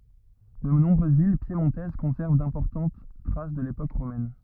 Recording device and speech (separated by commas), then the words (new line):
rigid in-ear microphone, read sentence
De nombreuses villes piémontaises conservent d'importantes traces de l’époque romaine.